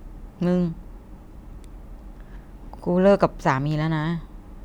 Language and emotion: Thai, sad